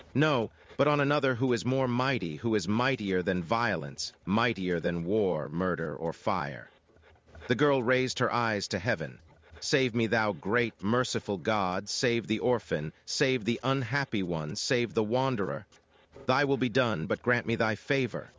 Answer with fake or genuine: fake